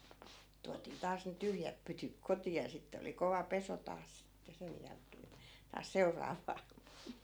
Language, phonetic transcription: Finnish, 'tuatii taas ne 'tyhjäp 'pytyk 'koti₍a ja 'sitte oli 'kova "peso taas sitte 'sej jälkee(n) , taas 'seu̬r̆raav̀aa .
- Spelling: tuotiin taas ne tyhjät pytyt kotiin ja sitten oli kova pesu taas sitten sen jälkeen taas seuraavaa

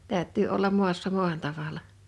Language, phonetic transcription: Finnish, 'tä̀ö̭ttyy ollam "mu̬assa "muan 'tavalla .
- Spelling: täytyy olla maassa maan tavalla

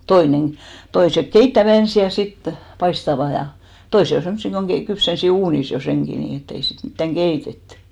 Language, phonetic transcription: Finnish, 'toineŋ , 'toisek "keittävä 'ensi ja 'sit , "paistava ja , 'toise on̬ 'semssi koŋ ɢei- , 'kypsensi 'uunis jo 'seŋki 'nii ett ‿ei sit 'mittäŋ "ɢeitettʏ .
- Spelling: toinen toiset keittävät ensin ja sitten paistavat ja toiset on semmoisia kun - kypsensi uunissa jo senkin niin että ei sitten mitään keitetty

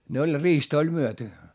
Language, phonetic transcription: Finnish, ne oĺ riistᵃ ‿oĺ myöty .
- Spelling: ne oli riista oli myyty

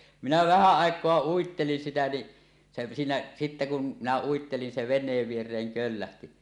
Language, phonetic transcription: Finnish, 'minä 'vähä 'àek̀oa "uittelin 'sitä ni , se siinä , sitte kun , 'minä 'uittelin 'se ven̆neev vier̀eeŋ "köllähti .
- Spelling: minä vähän aikaa uittelin sitä niin se siinä sitten kun minä uittelin se veneen viereen köllähti

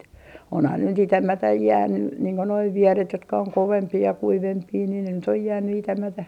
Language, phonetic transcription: Finnish, onhan ne nyt "itämätäj 'jäänny , niiŋ ko noi 'vieret jotka oŋ 'kovempii ja 'kuivempii ni ne nyt ‿oj 'jääny itämätä .
- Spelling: onhan ne nyt itämättä jäänyt niin kuin nuo vieret jotka on kovempia ja kuivempia niin ne nyt on jäänyt itämättä

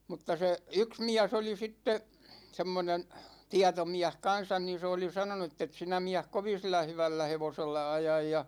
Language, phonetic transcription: Finnish, 'mutta se , "yks 'miäs oli 'sitte , 'semmonen , 'tiatomiäh "kan̬san ni 'se oli 'sanonu » ettet 'sinä miäh 'kovin̬ 'sillä 'hyvällä 'hevosella 'ajaj « ja ,.
- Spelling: mutta se yksi mies oli sitten semmoinen tietomies kanssa niin se oli sanonut että et sinä mies kovin sillä hyvällä hevosella aja ja

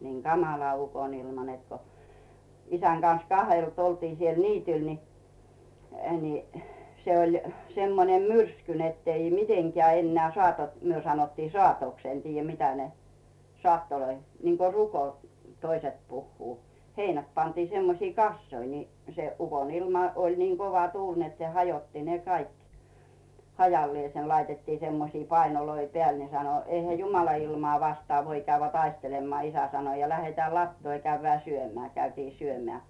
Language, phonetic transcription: Finnish, niiŋ "Gamala 'ukonilma net ko , 'isän Gan̬s "kahelt oltii siel 'niityl ni , ni , 'se oĺ , 'semmonem "myrsky nettei 'miteŋkeä̀ enneä̀ "sᵒàtot , 'myö sanottii "sᵒàtoks en 'tiijä 'mitä ne , 'sᵒàttoloi , niŋko "ruko -t , 'toiset puhhuu , 'heinät pantiᴇ semmosiᴇ "kassoi ni , se 'ukonilma oĺ 'nii 'kova 'tuuĺ net se "hajotti ne 'kaik , 'hajallⁱèsen laitettii 'semmosii "painoloi 'peä̀l ne sano » 'eihä "jumala ilmᵒà 'vastᵒà voi käyvvĕä̀ 'taistelemmᵒà « 'isä sano ja » 'läheteä̀ "lattoo ja 'käyvvĕä̀ "syömeä̀ « , käytii 'syömĕä̀ .
- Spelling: niin kamala ukonilma että kun isän kanssa kahdelta oltiin siellä niityllä niin niin se oli semmoinen myrsky että ei mitenkään enää saatot me sanottiin saatoksi en tiedä mitä ne saattoja niin kuin ruko - toiset puhuu heinät pantiin semmoisiin kasoihin niin se ukonilma oli niin kova tuuli että se hajotti ne kaikki hajalleen laitettiin semmoisia painoja päälle ne sanoi eihän jumalan ilmaa vastaan voi käydä taistelemaan isä sanoi ja lähdetään latoon ja käydään syömään käytiin syömään

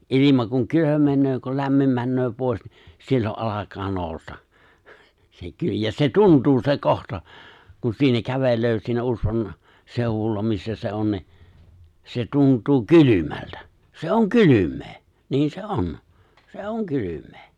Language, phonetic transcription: Finnish, '’ilima kuŋ 'kylömeǹöö ko 'lämmim männöö 'pòis ni , 'sillo’ ’alak̀aa 'nòu̬sta , se 'ky- ja se 'tuntuu se 'kohta , kun siinä 'kävel̀öö siinä 'usvan , 'sèu̬wulla missä se̬ 'on ni , se̬ 'tunt̀uu "kylymältä , se̬ "oŋ 'kylym̆mee , niin se "on , se oŋ 'kylym̆mᴇᴇ .
- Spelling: ilma kun kylmenee kun lämmin menee pois niin silloin alkaa nousta se - ja se tuntuu se kohta kun siinä kävelee siinä usvan seudulla missä se on niin se tuntuu kylmältä se on kylmää niin se on se on kylmää

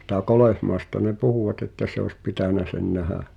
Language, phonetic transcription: Finnish, ˢⁱtä̀ 'Kolèhmaesta ne "puhùwatᵗ ‿että se oes 'pitä̀nä sen 'nähä .
- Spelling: sitä Kolehmaista ne puhuvat että se olisi pitänyt sen nähdä

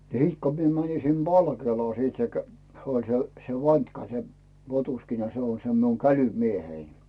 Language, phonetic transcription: Finnish, ni 'sit ko mie mänin sim "Balkeelaa sit se kä- , oĺ se , se 'vant́ka se , 'potuskina 'se on se miu "käly'miehei .
- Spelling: niin sitten kun minä menin sinne Valkeelaan sitten se - oli se se vantka se potuskina se on se minun kälymieheni

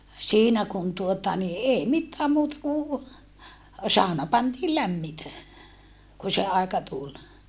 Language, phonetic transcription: Finnish, siinä kun tuota ni ee mittääm muuta ku , sàona pantii lämmitä , ku se aeka tul .
- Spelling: siinä kun tuota niin ei mitään muuta kuin sauna pantiin lämmitä kun se aika tuli

